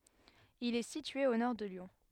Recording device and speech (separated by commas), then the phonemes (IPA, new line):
headset microphone, read sentence
il ɛ sitye o nɔʁ də ljɔ̃